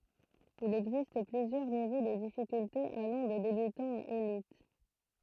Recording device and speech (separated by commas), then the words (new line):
throat microphone, read sentence
Il existe plusieurs niveaux de difficultés allant de débutant à élite.